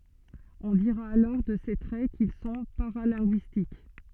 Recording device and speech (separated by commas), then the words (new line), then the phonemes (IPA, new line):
soft in-ear microphone, read sentence
On dira alors de ces traits qu'ils sont paralinguistiques.
ɔ̃ diʁa alɔʁ də se tʁɛ kil sɔ̃ paʁalɛ̃ɡyistik